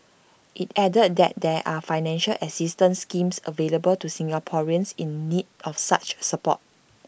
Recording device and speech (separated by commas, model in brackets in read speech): boundary microphone (BM630), read sentence